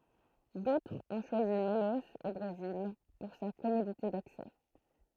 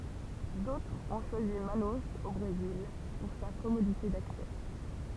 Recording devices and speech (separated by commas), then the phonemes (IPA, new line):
throat microphone, temple vibration pickup, read sentence
dotʁz ɔ̃ ʃwazi manoz o bʁezil puʁ sa kɔmodite daksɛ